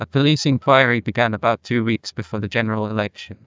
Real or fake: fake